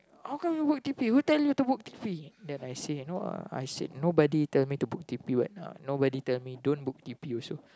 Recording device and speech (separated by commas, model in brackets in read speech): close-talking microphone, conversation in the same room